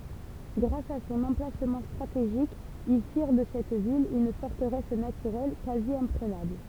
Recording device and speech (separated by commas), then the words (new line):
temple vibration pickup, read sentence
Grâce à son emplacement stratégique, ils firent de cette ville une forteresse naturelle quasi-imprenable.